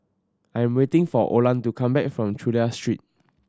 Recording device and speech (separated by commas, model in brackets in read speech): standing microphone (AKG C214), read sentence